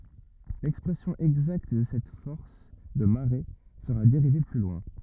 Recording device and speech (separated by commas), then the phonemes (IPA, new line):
rigid in-ear microphone, read sentence
lɛkspʁɛsjɔ̃ ɛɡzakt də sɛt fɔʁs də maʁe səʁa deʁive ply lwɛ̃